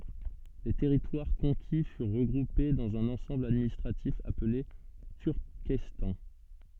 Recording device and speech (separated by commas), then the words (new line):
soft in-ear microphone, read sentence
Les territoires conquis furent regroupés dans un ensemble administratif appelé Turkestan.